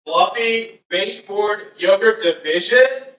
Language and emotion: English, fearful